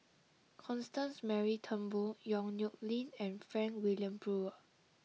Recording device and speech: mobile phone (iPhone 6), read sentence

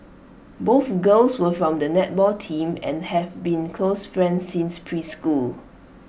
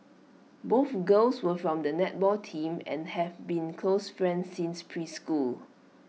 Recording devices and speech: boundary microphone (BM630), mobile phone (iPhone 6), read sentence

